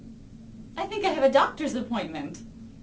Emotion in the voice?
happy